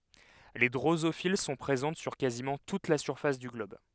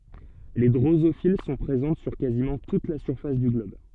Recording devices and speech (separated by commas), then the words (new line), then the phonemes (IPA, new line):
headset microphone, soft in-ear microphone, read sentence
Les drosophiles sont présentes sur quasiment toute la surface du globe.
le dʁozofil sɔ̃ pʁezɑ̃t syʁ kazimɑ̃ tut la syʁfas dy ɡlɔb